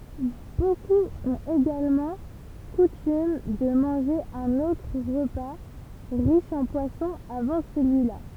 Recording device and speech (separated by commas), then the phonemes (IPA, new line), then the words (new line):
temple vibration pickup, read sentence
bokup ɔ̃t eɡalmɑ̃ kutym də mɑ̃ʒe œ̃n otʁ ʁəpa ʁiʃ ɑ̃ pwasɔ̃ avɑ̃ səlyila
Beaucoup ont également coutume de manger un autre repas riche en poisson avant celui-là.